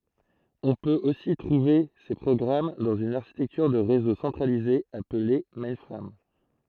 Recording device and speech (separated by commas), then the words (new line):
throat microphone, read sentence
On peut aussi trouver ces programmes dans une architecture de réseau centralisée appelée mainframe.